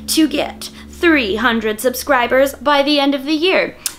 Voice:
dramatic voice